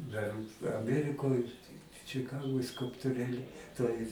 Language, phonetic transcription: Lithuanian, dar aˈmierikoj čiˈkagoj skulptuˈrėli toj

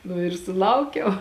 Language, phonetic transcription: Lithuanian, nu ir suˈlaukiau

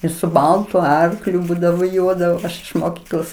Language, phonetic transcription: Lithuanian, jis su ˈbaltu ˈarkliu ˈbūdavo ˈjuodavo ˈaš iš moˈkyklos

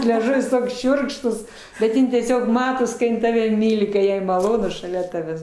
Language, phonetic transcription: Lithuanian, leˈžuvis ˈtoks ˈšiurkštus šiurkštūs bet ˈjin tieˈsiog ˈmatos ka ˈjin ˈtave ˈmyli ka ˈjai maˈlonu šaˈlia ˈtavęs

